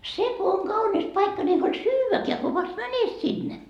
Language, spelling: Finnish, se kun on kaunis paikka niin ei huoli syödäkään kun vasta menet sinne
- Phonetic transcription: "se ko oŋ 'kaunis 'paikka ni ei huoĺ "syyväkeä ko vast 'mänet sinne .

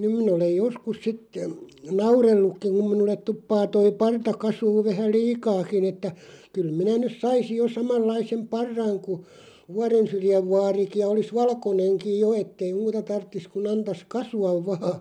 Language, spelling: Finnish, nyt minä olen joskus sitten nauranutkin kun minulle tuppaa tuo parta kasvamaan vähän liikaakin että kyllä minä nyt saisin jo samanlaisen parran kuin Vuorensyrjän vaarikin ja olisi valkoinenkin jo että ei muuta tarvitsisi kuin antaisi kasvaa vain
- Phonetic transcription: 'nym min ‿olej "joskus 'sit , "naurellukkiᵑ kum 'minullet 'tuppaa 'toi "parta 'kasuuv 'vähä "liikaakin ‿että , » kyl 'minä nys "saisij jo 'samallaisem "parraŋ ku , "Vuarensyrjäv 'vaariki ja olis 'valkoneŋkij "jo ettei "muuta 'tarttis ku'n ‿antas "kasu₍av 'vaa « .

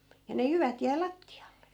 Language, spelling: Finnish, ja ne jyvät jäi lattialle
- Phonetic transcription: ja ne 'jyvät jäi "latti₍alle .

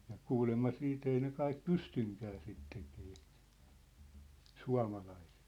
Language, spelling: Finnish, ja kuulemma sitten ei ne kaikki pystykään sitä tekemään suomalaiset
- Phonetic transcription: ja 'kuulemma 'siit ‿ei ne 'kaik "pystyŋkää 'sit tekee , "sua̭malaisᴇt .

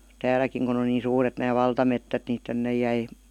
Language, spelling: Finnish, täälläkin kun on niin suuret nämä valtametsät niin tänne jäi
- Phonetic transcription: 'tääläkiŋ kun ‿on niin̬ 'suuret nää 'valtamettät ni 'tännej̆ jäi ,.

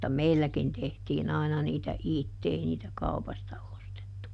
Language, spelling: Finnish, mutta meilläkin tehtiin aina niitä itse ei niitä kaupasta ostettu
- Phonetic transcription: mutta "meilläkin tehtiiˈn ‿aina niitä "itte - ˈei niitä "kaupasta ˈostettu .

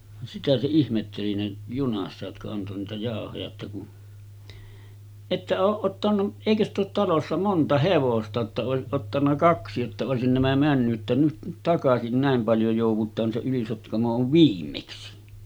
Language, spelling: Finnish, sitä se ihmetteli ne junassa jotka antoi niitä jauhoja että kun ette ole ottanut eikö sitä ole talossa monta hevosta jotta olisi ottanut kaksi jotta olisi nämä mennyt että nyt nyt takaisin näin paljon joudutaan se Yli-Sotkamo on viimeksi
- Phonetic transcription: sitä se ihmetteli 'ne , 'junassa jotka anto niitä 'jàohoja että kun » "että ooˀ ˀottanu , 'èikö ‿st ‿oot talossa 'monta 'hevosta jotta òesiˀ 'ˀottanna "kaksi jotta òesin nämä 'männy’ ’että nyt nyt 'takasin 'nä̀em paljo jòuv̆vut̀aan se 'Yli-Sotkamo ov "viimmeksi « .

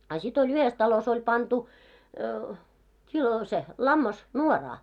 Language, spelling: Finnish, a sitten oli yhdessä talossa oli pantu kilo se lammas nuoraan
- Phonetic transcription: a sit ‿oĺ yhes talos ‿oĺ 'pantu , kilo se , 'lammas , "nuoraa .

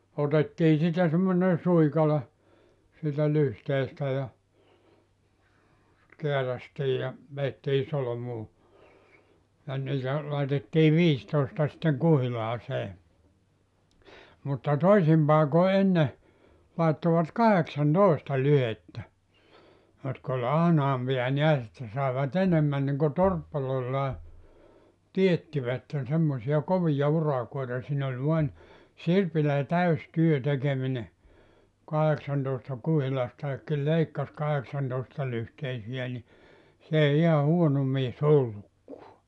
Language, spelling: Finnish, otettiin siitä semmoinen suikale siitä lyhteestä ja kääräistiin ja vedettiin solmuun ja niitä laitettiin viisitoista sitten kuhilaaseen mutta toisin paikoin ennen laittoivat kahdeksantoista lyhdettä jotka oli ahnaampia näet että saivat enemmän niin kuin torppareillaan teettivät semmoisia kovia urakoita siinä oli vain sirpillä täysi työ tekeminen kahdeksantoista kuhilastakin leikkasi kahdeksantoistalyhteisiä niin se ei ihan huono mies ollutkaan
- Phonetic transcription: otettii 'siitä semmonen̬ 'suikale , siitä 'lyhteestä ja , 'keärästii ja , 'veettii 'solomuu , ja 'niitä , laitettii "viistòesta sⁱtteŋ 'kuhilaasee , mutta "toisim paeko 'enne , laettovat 'kaheksan"tòista 'lyhettä , jotk ‿oĺ 'ahnaampi₍a 'niäs että sàeva't ‿enemmän niŋko "torppalloillaa , 'tiettivätten semmosi₍a 'kovija 'urakoita siin ‿oĺ vuan , 'sirpilä 'täys 'työ tekemine , 'kaheksantòesta 'kuhilastaekki 'leikkas 'kaheksantòestalyhteisi₍ä ni , 's ‿èi iha 'huono 'mies "ollukkua .

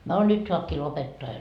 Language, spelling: Finnish, no nyt saakin lopettaa jo
- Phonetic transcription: no "nyt soapkii 'lopettoa jo .

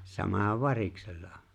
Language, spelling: Finnish, sama on variksella
- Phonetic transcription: 'sama ov "variksella .

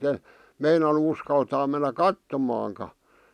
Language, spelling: Finnish, en meinannut uskaltaa mennä katsomaankaan
- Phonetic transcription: e , 'meinanu uskaltaa mennä ̳ "kattomaaŋka .

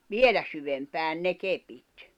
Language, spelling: Finnish, vielä syvempään ne kepit
- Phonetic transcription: vielä syvempään 'ne 'kepit .

